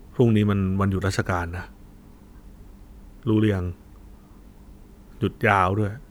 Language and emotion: Thai, frustrated